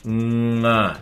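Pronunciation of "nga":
'Nga' starts with a soft, nasal ng sound, not a hard g.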